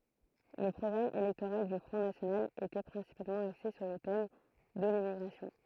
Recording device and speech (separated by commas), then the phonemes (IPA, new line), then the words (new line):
throat microphone, read sentence
lə pʁɔɡʁam elɛktoʁal dy fʁɔ̃ nasjonal etɛ pʁɛ̃sipalmɑ̃ akse syʁ lə tɛm də limmiɡʁasjɔ̃
Le programme électoral du Front national était principalement axé sur le thème de l'immigration.